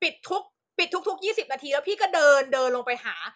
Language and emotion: Thai, angry